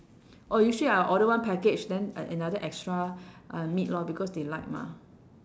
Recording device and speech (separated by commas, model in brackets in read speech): standing microphone, conversation in separate rooms